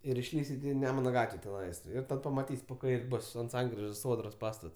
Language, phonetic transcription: Lithuanian, ir išˈlįsit i ˈnemuna ˈgatve teˈnais ˈir ˈtad pamaˈtys' po ˈkair' ˈbus ant ˈsankrižos ˈsodros ˈpastats

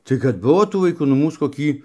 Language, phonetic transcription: Lithuanian, tai kad ˈbuvo tų vaiˈkų nu ˈmūs koˈkį

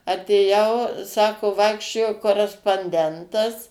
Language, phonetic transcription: Lithuanian, atėˈjau ˈsako ˈvaikščiojo koresponˈdentas

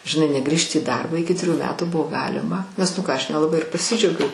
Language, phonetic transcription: Lithuanian, žinˈai neˈgrįžti į ˈdarbą ˈiki triˈjų ˈmetų ˈbuvo ˈgalima nes ˈnu ˈką ˈaš nelaˈbai ir paˈsidžiaugiau

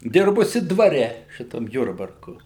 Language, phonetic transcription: Lithuanian, ˈdirbusi dvaˈre ˈšitam ˈjurbarku

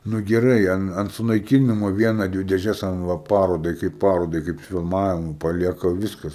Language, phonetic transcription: Lithuanian, nu geˈrai an ant sunaikiˈnimo ˈviena ˈdvi dėˈžes an ˈva ˈparodai kaip ˈparodai ˈkaip filˈmavimui paˈlieka ˈviskas

